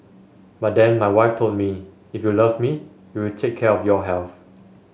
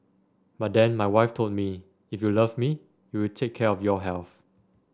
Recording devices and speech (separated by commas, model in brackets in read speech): mobile phone (Samsung S8), standing microphone (AKG C214), read sentence